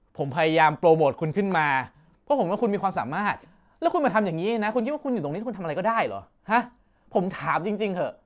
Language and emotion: Thai, angry